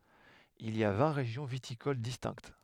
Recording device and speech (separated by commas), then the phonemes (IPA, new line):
headset microphone, read sentence
il i a vɛ̃ ʁeʒjɔ̃ vitikol distɛ̃kt